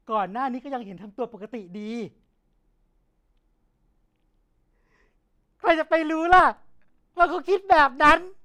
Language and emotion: Thai, sad